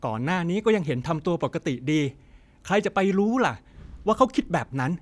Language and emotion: Thai, frustrated